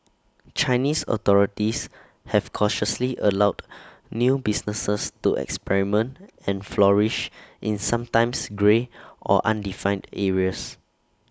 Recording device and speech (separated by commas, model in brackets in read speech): standing microphone (AKG C214), read sentence